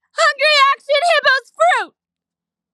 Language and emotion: English, happy